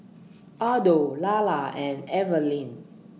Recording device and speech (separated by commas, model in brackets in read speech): mobile phone (iPhone 6), read sentence